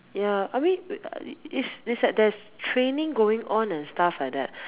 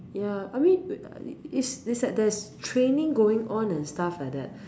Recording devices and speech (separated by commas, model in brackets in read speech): telephone, standing microphone, conversation in separate rooms